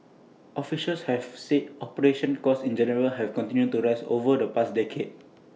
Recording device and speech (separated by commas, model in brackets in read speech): mobile phone (iPhone 6), read sentence